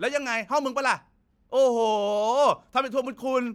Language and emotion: Thai, angry